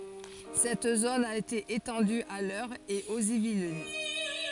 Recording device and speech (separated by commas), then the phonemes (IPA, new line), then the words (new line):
forehead accelerometer, read sentence
sɛt zon a ete etɑ̃dy a lœʁ e oz ivlin
Cette zone a été étendue à l'Eure et aux Yvelines.